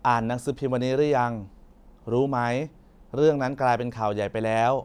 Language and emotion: Thai, neutral